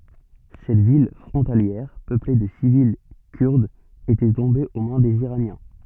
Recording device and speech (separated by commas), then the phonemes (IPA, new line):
soft in-ear microphone, read sentence
sɛt vil fʁɔ̃taljɛʁ pøple də sivil kyʁdz etɛ tɔ̃be o mɛ̃ dez iʁanjɛ̃